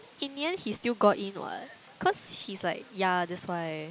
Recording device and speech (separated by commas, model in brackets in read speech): close-talking microphone, conversation in the same room